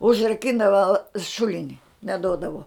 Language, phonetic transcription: Lithuanian, užraˈkindava ˈšulini neˈdodavo

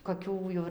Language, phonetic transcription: Lithuanian, koˈkių jau ir

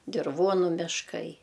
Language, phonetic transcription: Lithuanian, dirˈvuonu mišˈkai

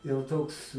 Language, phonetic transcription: Lithuanian, jau ˈtoks

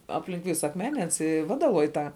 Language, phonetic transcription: Lithuanian, ˈaplink ˈvisa akˈmene ˈans i ˈvadaloj ˈtą

